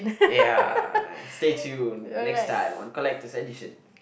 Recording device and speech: boundary microphone, conversation in the same room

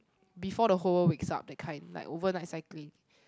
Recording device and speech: close-talking microphone, conversation in the same room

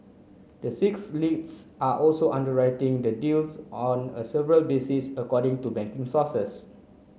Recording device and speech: mobile phone (Samsung C9), read sentence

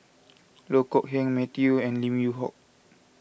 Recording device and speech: boundary microphone (BM630), read sentence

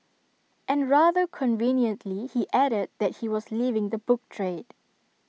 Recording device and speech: mobile phone (iPhone 6), read sentence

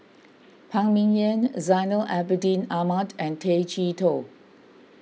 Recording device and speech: mobile phone (iPhone 6), read sentence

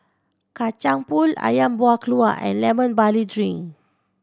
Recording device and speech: standing microphone (AKG C214), read sentence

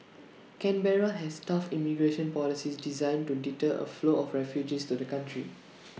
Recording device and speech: mobile phone (iPhone 6), read sentence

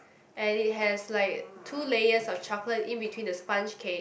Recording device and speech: boundary microphone, conversation in the same room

